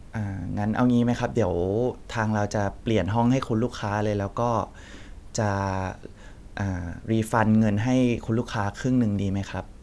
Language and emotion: Thai, neutral